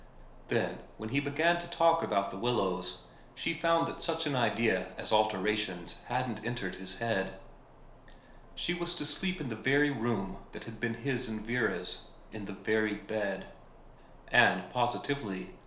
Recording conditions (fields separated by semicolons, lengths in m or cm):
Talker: one person; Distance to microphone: 1.0 m; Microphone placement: close; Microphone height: 1.1 m; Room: small (3.7 m by 2.7 m); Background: none